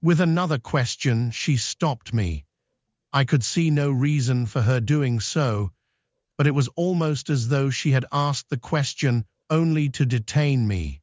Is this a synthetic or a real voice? synthetic